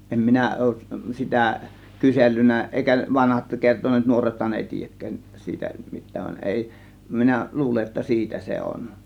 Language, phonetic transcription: Finnish, 'em 'minä òuˀ , 'sitä , "kysellyn̆nä ˀèikä 'vanhat 'kerton̆neet 'nuorethan èi "tiijäkkään , 'siitä 'mit̆tään , van 'èi , 'minä , "luule ‿että "siitä se 'on .
- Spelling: en minä ole sitä kysellyt eikä vanhat kertoneet nuorethan ei tiedäkään siitä mitään vaan ei minä luulen että siitä se on

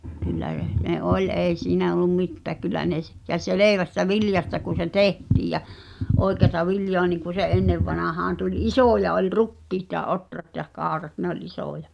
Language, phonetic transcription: Finnish, kyllä (rə-) , ne "’oĺ 'èi siinä ol̆lum 'mittääk kyl̆lä ne s- , ja "selèvästä "viljasta kun̬ se "tehtiij ja͕ , '’oi̬keata 'viljoa niŋku se '’ennevvanahaan tuĺ "isòja oĺ "rukkiit ja "’otrat ja "kàorat nᵉ ‿oĺ 'isòja .
- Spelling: kyllä - ne oli ei siinä ollut mitään kyllä ne - ja selvästä viljasta kun se tehtiin ja oikeata viljaa niin kuin se ennen vanhaan tuli isoja oli rukiit ja ohrat ja kaurat ne oli isoja

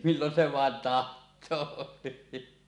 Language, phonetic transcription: Finnish, millon se vaen "taht̆too .
- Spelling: milloin se vain tahtoo

